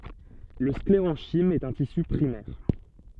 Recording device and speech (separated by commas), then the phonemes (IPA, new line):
soft in-ear microphone, read sentence
lə skleʁɑ̃ʃim ɛt œ̃ tisy pʁimɛʁ